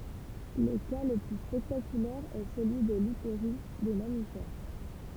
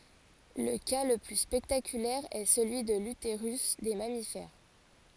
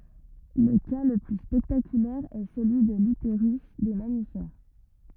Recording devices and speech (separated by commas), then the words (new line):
temple vibration pickup, forehead accelerometer, rigid in-ear microphone, read sentence
Le cas le plus spectaculaire est celui de l'utérus des mammifères.